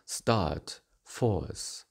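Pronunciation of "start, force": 'Start' and 'force' are said in their conservative forms, and each has a closing diphthong.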